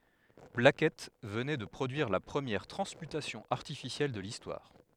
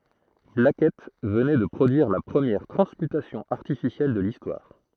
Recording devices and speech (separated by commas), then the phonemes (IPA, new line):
headset microphone, throat microphone, read sentence
blakɛt vənɛ də pʁodyiʁ la pʁəmjɛʁ tʁɑ̃smytasjɔ̃ aʁtifisjɛl də listwaʁ